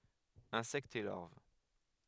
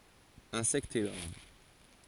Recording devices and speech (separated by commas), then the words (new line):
headset microphone, forehead accelerometer, read sentence
Insectes et larves.